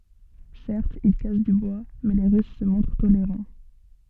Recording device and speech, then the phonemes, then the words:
soft in-ear microphone, read sentence
sɛʁtz il kas dy bwa mɛ le ʁys sə mɔ̃tʁ toleʁɑ̃
Certes, ils cassent du bois, mais les Russes se montrent tolérants.

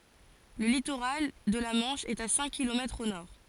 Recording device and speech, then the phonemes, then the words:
forehead accelerometer, read sentence
lə litoʁal də la mɑ̃ʃ ɛt a sɛ̃k kilomɛtʁz o nɔʁ
Le littoral de la Manche est à cinq kilomètres au nord.

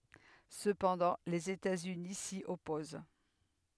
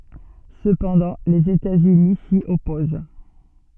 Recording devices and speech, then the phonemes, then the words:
headset microphone, soft in-ear microphone, read sentence
səpɑ̃dɑ̃ lez etatsyni si ɔpoz
Cependant, les États-Unis s'y opposent.

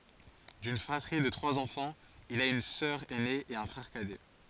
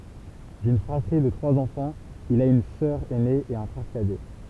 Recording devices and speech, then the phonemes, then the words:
forehead accelerometer, temple vibration pickup, read sentence
dyn fʁatʁi də tʁwaz ɑ̃fɑ̃z il a yn sœʁ ɛne e œ̃ fʁɛʁ kadɛ
D’une fratrie de trois enfants, il a une sœur ainée et un frère cadet.

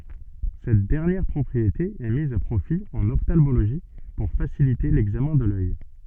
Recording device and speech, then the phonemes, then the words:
soft in-ear microphone, read sentence
sɛt dɛʁnjɛʁ pʁɔpʁiete ɛ miz a pʁofi ɑ̃n ɔftalmoloʒi puʁ fasilite lɛɡzamɛ̃ də lœj
Cette dernière propriété est mise à profit en ophtalmologie pour faciliter l'examen de l'œil.

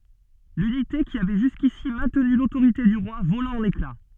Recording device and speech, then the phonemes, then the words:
soft in-ear microphone, read sentence
lynite ki avɛ ʒyskisi mɛ̃tny lotoʁite dy ʁwa vola ɑ̃n ekla
L'unité qui avait jusqu'ici maintenu l'autorité du roi vola en éclats.

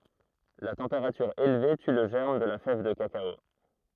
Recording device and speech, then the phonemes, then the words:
throat microphone, read sentence
la tɑ̃peʁatyʁ elve ty lə ʒɛʁm də la fɛv də kakao
La température élevée tue le germe de la fève de cacao.

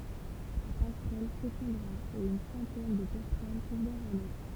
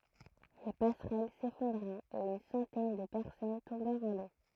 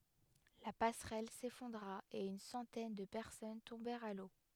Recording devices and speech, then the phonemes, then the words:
temple vibration pickup, throat microphone, headset microphone, read sentence
la pasʁɛl sefɔ̃dʁa e yn sɑ̃tɛn də pɛʁsɔn tɔ̃bɛʁt a lo
La passerelle s'effondra et une centaine de personnes tombèrent à l'eau.

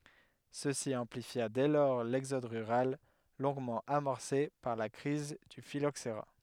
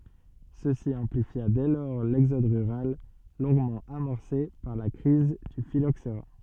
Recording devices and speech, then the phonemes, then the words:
headset microphone, soft in-ear microphone, read sentence
səsi ɑ̃plifja dɛ lɔʁ lɛɡzɔd ʁyʁal lɔ̃ɡmɑ̃ amɔʁse paʁ la kʁiz dy filoksʁa
Ceci amplifia dès lors l'exode rural, longuement amorcé par la crise du phylloxera.

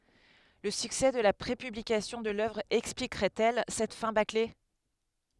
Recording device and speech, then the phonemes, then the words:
headset microphone, read sentence
lə syksɛ də la pʁepyblikasjɔ̃ də lœvʁ ɛksplikʁɛt ɛl sɛt fɛ̃ bakle
Le succès de la prépublication de l'œuvre expliquerait-elle cette fin bâclée...

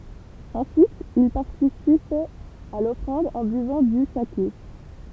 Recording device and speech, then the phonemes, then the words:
temple vibration pickup, read sentence
ɑ̃syit il paʁtisipɛt a lɔfʁɑ̃d ɑ̃ byvɑ̃ dy sake
Ensuite, ils participaient à l’offrande en buvant du saké.

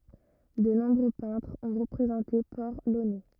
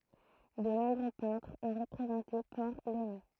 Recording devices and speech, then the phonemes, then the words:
rigid in-ear microphone, throat microphone, read sentence
də nɔ̃bʁø pɛ̃tʁz ɔ̃ ʁəpʁezɑ̃te pɔʁ lonɛ
De nombreux peintres ont représenté Port-Launay.

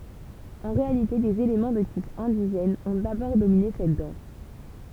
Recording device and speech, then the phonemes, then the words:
temple vibration pickup, read sentence
ɑ̃ ʁealite dez elemɑ̃ də tip ɛ̃diʒɛn ɔ̃ dabɔʁ domine sɛt dɑ̃s
En réalité des éléments de type indigène ont d'abord dominé cette danse.

